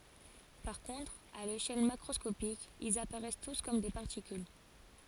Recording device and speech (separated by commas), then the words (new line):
forehead accelerometer, read sentence
Par contre, à l'échelle macroscopique, ils apparaissent tous comme des particules.